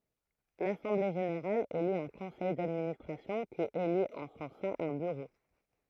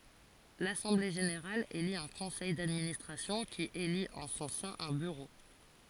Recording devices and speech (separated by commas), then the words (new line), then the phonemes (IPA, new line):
throat microphone, forehead accelerometer, read sentence
L'assemblée générale élit un conseil d'administration qui élit en son sein un bureau.
lasɑ̃ble ʒeneʁal eli œ̃ kɔ̃sɛj dadministʁasjɔ̃ ki elit ɑ̃ sɔ̃ sɛ̃ œ̃ byʁo